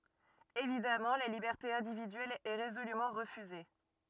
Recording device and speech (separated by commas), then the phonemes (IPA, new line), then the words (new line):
rigid in-ear microphone, read sentence
evidamɑ̃ la libɛʁte ɛ̃dividyɛl ɛ ʁezolymɑ̃ ʁəfyze
Évidemment, la liberté individuelle est résolument refusée.